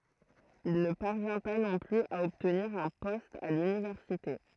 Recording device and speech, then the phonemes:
throat microphone, read sentence
il nə paʁvjɛ̃ pa nɔ̃ plyz a ɔbtniʁ œ̃ pɔst a lynivɛʁsite

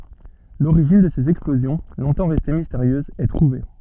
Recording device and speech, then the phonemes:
soft in-ear microphone, read sentence
loʁiʒin də sez ɛksplozjɔ̃ lɔ̃tɑ̃ ʁɛste misteʁjøzz ɛ tʁuve

